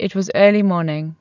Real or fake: real